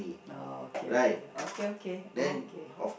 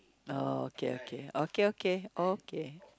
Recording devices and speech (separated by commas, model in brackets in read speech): boundary microphone, close-talking microphone, conversation in the same room